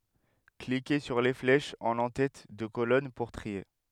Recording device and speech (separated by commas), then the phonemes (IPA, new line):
headset microphone, read sentence
klike syʁ le flɛʃz ɑ̃n ɑ̃tɛt də kolɔn puʁ tʁie